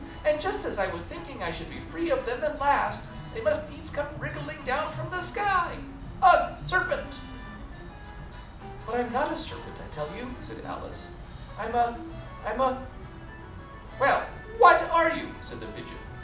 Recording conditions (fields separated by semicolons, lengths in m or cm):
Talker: one person; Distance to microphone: 2.0 m; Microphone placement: close; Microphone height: 99 cm; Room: medium-sized (5.7 m by 4.0 m); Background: music